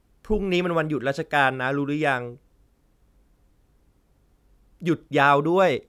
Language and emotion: Thai, neutral